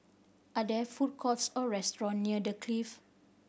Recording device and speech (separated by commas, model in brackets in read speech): boundary microphone (BM630), read sentence